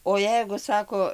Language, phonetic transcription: Lithuanian, o ˈjeigu ˈsako

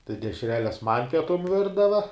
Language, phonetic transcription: Lithuanian, tai dešˈreles man' pieˈtum ˈvirdava

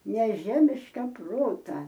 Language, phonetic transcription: Lithuanian, neˈžemiška ˈprota

